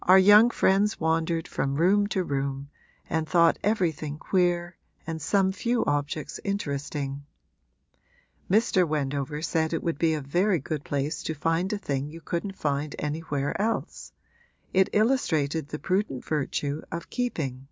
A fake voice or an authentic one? authentic